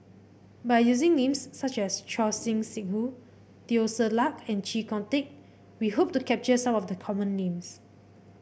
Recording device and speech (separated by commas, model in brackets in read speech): boundary microphone (BM630), read sentence